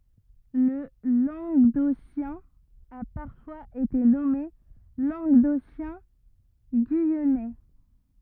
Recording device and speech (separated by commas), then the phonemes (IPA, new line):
rigid in-ear microphone, read sentence
lə lɑ̃ɡdosjɛ̃ a paʁfwaz ete nɔme lɑ̃ɡdosjɛ̃ɡyijɛnɛ